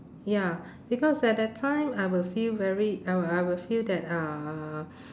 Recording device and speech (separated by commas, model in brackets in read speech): standing microphone, conversation in separate rooms